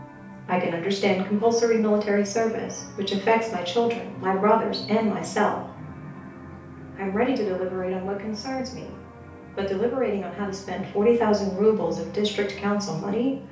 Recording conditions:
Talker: one person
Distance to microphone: 3.0 m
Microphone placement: far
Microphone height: 1.8 m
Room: small (3.7 m by 2.7 m)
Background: television

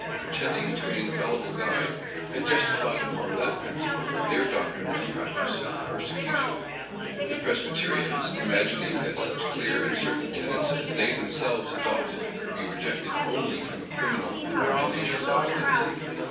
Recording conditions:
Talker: one person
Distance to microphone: 9.8 m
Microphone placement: far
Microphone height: 1.8 m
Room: large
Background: babble

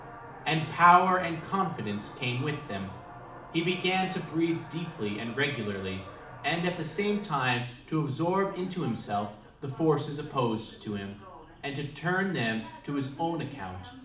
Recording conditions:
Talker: one person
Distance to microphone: 2.0 m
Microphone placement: close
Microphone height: 99 cm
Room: medium-sized (5.7 m by 4.0 m)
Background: television

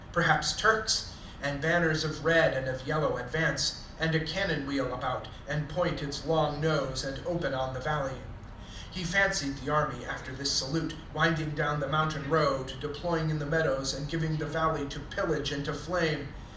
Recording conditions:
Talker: one person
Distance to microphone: 2.0 m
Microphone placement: close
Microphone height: 99 cm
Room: medium-sized (5.7 m by 4.0 m)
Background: television

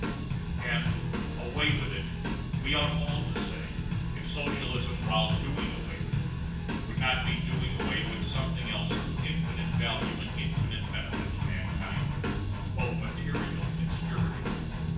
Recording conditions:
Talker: one person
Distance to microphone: 9.8 m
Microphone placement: far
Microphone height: 1.8 m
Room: large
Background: music

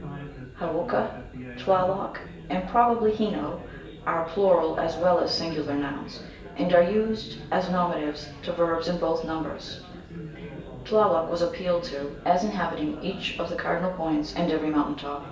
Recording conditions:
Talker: one person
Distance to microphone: 1.8 m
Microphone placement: close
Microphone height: 1.0 m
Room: large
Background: babble

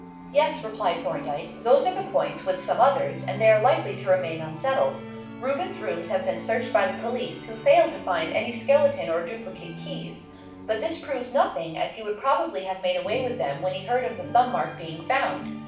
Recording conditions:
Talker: one person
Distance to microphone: 5.8 m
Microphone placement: far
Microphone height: 1.8 m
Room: medium-sized (5.7 m by 4.0 m)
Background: music

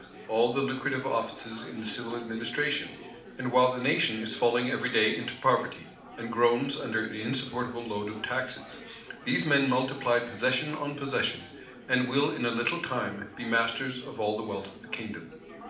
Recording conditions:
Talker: one person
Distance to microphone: 2.0 m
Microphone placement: close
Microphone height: 99 cm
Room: medium-sized (5.7 m by 4.0 m)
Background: babble

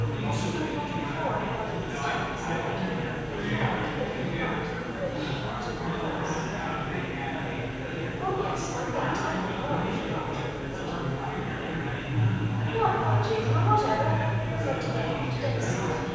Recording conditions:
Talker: one person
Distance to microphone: 7.1 m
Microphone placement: far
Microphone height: 1.7 m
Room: very reverberant, large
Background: babble

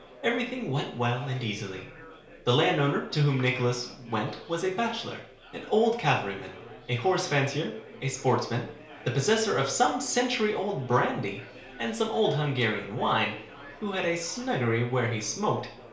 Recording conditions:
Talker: one person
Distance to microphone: 1.0 m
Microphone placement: close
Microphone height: 1.1 m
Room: small (3.7 m by 2.7 m)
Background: babble

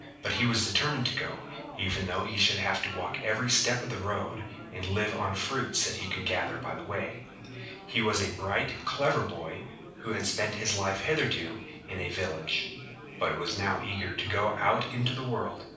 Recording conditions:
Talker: one person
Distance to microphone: 5.8 m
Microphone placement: far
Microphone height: 1.8 m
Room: medium-sized (5.7 m by 4.0 m)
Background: babble

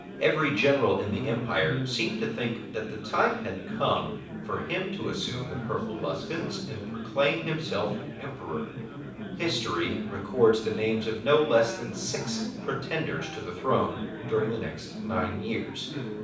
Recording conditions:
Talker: one person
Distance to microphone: 5.8 m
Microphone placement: far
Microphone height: 1.8 m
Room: medium-sized (5.7 m by 4.0 m)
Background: babble

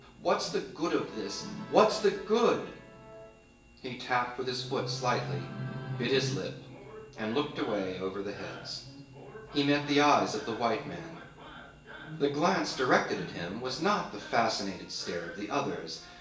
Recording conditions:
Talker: one person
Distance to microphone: 1.8 m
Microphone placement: close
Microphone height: 1.0 m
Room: large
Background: television

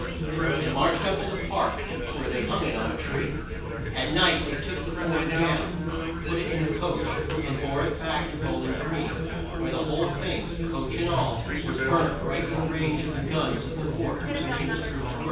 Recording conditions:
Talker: one person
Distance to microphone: 9.8 m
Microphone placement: far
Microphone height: 1.8 m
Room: large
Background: babble

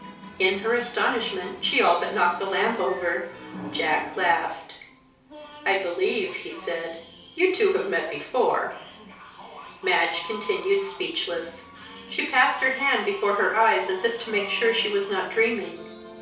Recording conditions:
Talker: one person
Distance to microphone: 3.0 m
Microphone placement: far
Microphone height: 1.8 m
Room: small (3.7 m by 2.7 m)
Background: television

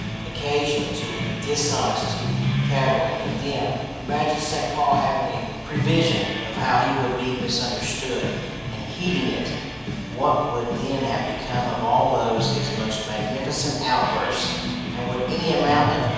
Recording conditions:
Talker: one person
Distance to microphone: 7.1 m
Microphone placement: far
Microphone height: 1.7 m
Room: very reverberant, large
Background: music

